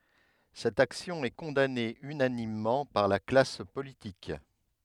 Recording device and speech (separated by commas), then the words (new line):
headset microphone, read sentence
Cette action est condamnée unanimement par la classe politique.